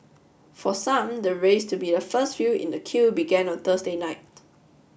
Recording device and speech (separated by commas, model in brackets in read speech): boundary microphone (BM630), read sentence